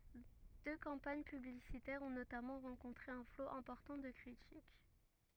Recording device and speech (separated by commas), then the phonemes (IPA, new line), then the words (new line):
rigid in-ear microphone, read sentence
dø kɑ̃paɲ pyblisitɛʁz ɔ̃ notamɑ̃ ʁɑ̃kɔ̃tʁe œ̃ flo ɛ̃pɔʁtɑ̃ də kʁitik
Deux campagnes publicitaires ont notamment rencontré un flot important de critiques.